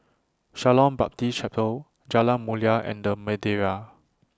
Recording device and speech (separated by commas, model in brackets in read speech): standing microphone (AKG C214), read sentence